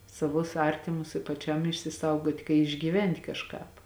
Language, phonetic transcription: Lithuanian, saˈvus ˈartimus i paˈčiam išsiˈsaugot' kai išgyˈvent' kažˈkāp

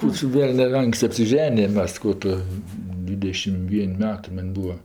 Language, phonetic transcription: Lithuanian, ˈkų čia ˈvelnia ˈanksti apsiˈženijam ˈmes ˈkų tu ˈdvidešim ˈvien' ˈmetɜ ˈman' ˈbūva

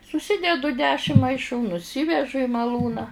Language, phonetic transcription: Lithuanian, suˈsidedu ˈdešim maiˈšų nuˈsivežu i maˈlūną

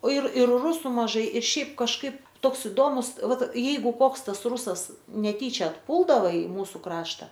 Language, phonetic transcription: Lithuanian, o ir ir ˈrusu maˈžai ir ˈšiaip kažˈkaip ˈtoks iˈdomus ˈvat ˈjeigu ˈkoks ˈtas ˈrūsas neˈtyčia atˈpūldava i ˈmūsu ˈkrašta

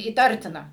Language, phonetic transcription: Lithuanian, įˈtartina

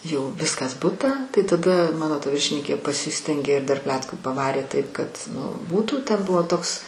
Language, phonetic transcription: Lithuanian, jau ˈviskas ˈbutą tai taˈda ˈmano ta ˈviršininkė paˈsistengė ir dar ˈpletkų paˈvarė ˈtaip kad ˈnu ˈbūtų ˈten ˈbuvo ˈtoks

